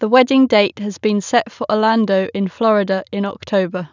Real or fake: real